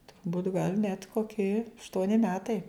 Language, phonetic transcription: Lithuanian, turˈbūt' gal net koˈki ašˈtuoni ˈmetai

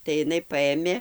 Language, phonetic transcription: Lithuanian, tai iˈnai ˈpaėmė

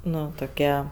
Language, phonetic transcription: Lithuanian, ˈnu toˈkie

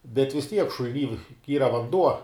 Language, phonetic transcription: Lithuanian, bet vis ˈtiek šul'ˈny ˈyra vanˈduo

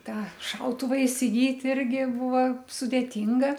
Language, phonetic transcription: Lithuanian, ˈtą ˈšautuva isiˈgyt' ˈirgi ˈbuva sudėˈtinga

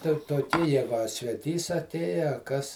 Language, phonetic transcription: Lithuanian, ten toˈkį ˈjegu a sveˈtys aˈtėja a ˈkas

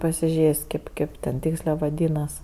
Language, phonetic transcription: Lithuanian, pasiˈžės' kėp ˈkėp ten ˈtykslė vaˈdynas

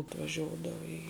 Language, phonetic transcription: Lithuanian, atvaˈžiodava į

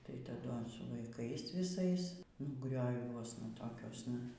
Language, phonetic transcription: Lithuanian, tai taˈdu ans su vaiˈkais viˈsais nu grioˈviuosna toˈkiuosna

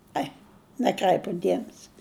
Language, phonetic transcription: Lithuanian, ˈai næˈkræipu ˈdiemesi

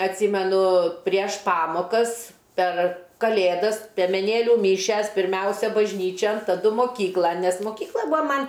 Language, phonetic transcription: Lithuanian, atˈsymenu prieš ˈpamokas per kaˈlėdas piemeˈnėliu ˈmyšias pirˈmiausia bažˈnyčian taˈdu moˈkyklan nes moˈkykla ˈbua ˈman'

